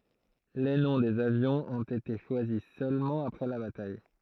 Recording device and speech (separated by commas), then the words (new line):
throat microphone, read sentence
Les noms des avions ont été choisis seulement après la bataille.